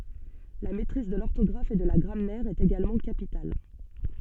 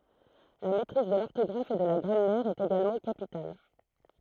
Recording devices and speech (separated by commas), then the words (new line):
soft in-ear microphone, throat microphone, read sentence
La maîtrise de l'orthographe et de la grammaire est également capitale.